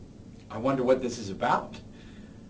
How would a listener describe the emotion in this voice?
neutral